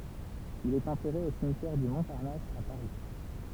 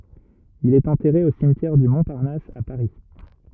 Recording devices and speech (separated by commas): temple vibration pickup, rigid in-ear microphone, read sentence